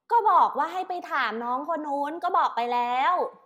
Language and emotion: Thai, frustrated